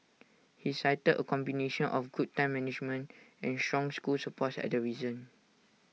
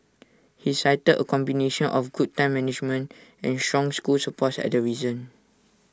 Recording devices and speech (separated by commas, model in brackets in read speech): mobile phone (iPhone 6), standing microphone (AKG C214), read sentence